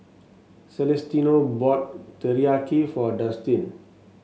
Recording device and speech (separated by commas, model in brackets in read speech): mobile phone (Samsung S8), read sentence